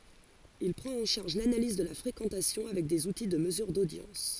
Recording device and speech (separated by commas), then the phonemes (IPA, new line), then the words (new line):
forehead accelerometer, read sentence
il pʁɑ̃t ɑ̃ ʃaʁʒ lanaliz də la fʁekɑ̃tasjɔ̃ avɛk dez uti də məzyʁ dodjɑ̃s
Il prend en charge l'analyse de la fréquentation avec des outils de mesure d'audience.